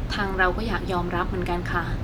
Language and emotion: Thai, sad